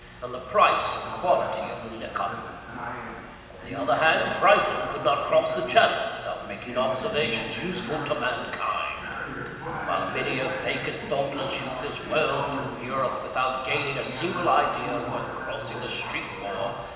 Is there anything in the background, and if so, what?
A television.